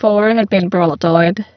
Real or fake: fake